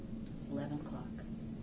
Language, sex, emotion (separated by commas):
English, female, neutral